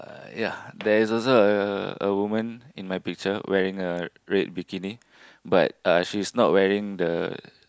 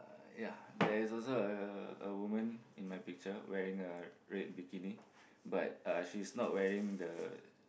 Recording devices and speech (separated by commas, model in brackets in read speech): close-talking microphone, boundary microphone, conversation in the same room